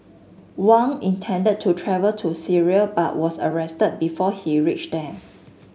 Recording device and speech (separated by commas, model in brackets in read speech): mobile phone (Samsung S8), read sentence